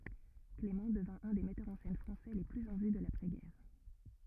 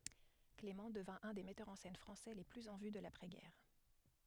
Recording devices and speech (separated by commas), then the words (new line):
rigid in-ear microphone, headset microphone, read sentence
Clément devint un des metteurs en scène français les plus en vue de l’après-guerre.